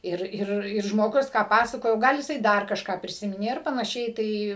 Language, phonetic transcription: Lithuanian, ˈir ˈir ir žmoˈgus ką ˈpasakojo ˈgal jiˈsai ˈdar kažˈką priˈsiminė ˈir panaˈšiai ˈtai

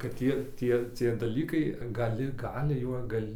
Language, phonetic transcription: Lithuanian, kad ˈtie ˈtie cie daˈlykai gaˈli ˈgali juo ˈgal'

